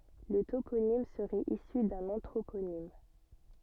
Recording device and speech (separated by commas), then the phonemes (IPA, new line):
soft in-ear microphone, read sentence
lə toponim səʁɛt isy dœ̃n ɑ̃tʁoponim